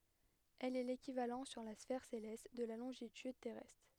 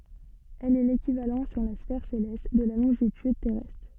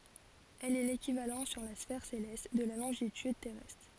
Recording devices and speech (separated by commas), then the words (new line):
headset microphone, soft in-ear microphone, forehead accelerometer, read sentence
Elle est l'équivalent sur la sphère céleste de la longitude terrestre.